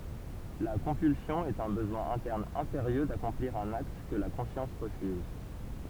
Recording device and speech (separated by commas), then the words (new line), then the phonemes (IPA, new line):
temple vibration pickup, read sentence
La compulsion est un besoin interne impérieux d’accomplir un acte que la conscience refuse.
la kɔ̃pylsjɔ̃ ɛt œ̃ bəzwɛ̃ ɛ̃tɛʁn ɛ̃peʁjø dakɔ̃pliʁ œ̃n akt kə la kɔ̃sjɑ̃s ʁəfyz